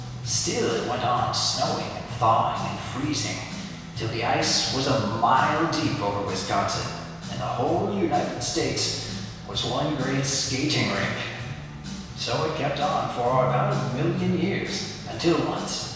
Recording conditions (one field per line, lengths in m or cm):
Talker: one person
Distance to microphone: 1.7 m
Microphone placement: close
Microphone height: 1.0 m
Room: very reverberant, large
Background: music